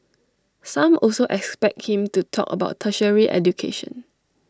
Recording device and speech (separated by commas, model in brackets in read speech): standing microphone (AKG C214), read sentence